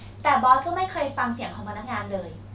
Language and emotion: Thai, frustrated